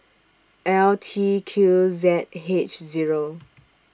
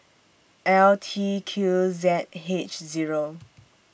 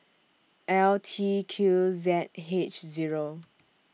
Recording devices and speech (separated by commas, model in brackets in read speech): standing microphone (AKG C214), boundary microphone (BM630), mobile phone (iPhone 6), read sentence